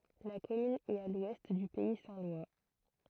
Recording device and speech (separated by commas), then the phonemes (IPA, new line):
throat microphone, read sentence
la kɔmyn ɛt a lwɛst dy pɛi sɛ̃ lwa